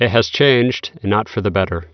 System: none